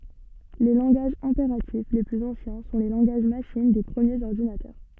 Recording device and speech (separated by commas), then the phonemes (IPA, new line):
soft in-ear microphone, read sentence
le lɑ̃ɡaʒz ɛ̃peʁatif le plyz ɑ̃sjɛ̃ sɔ̃ le lɑ̃ɡaʒ maʃin de pʁəmjez ɔʁdinatœʁ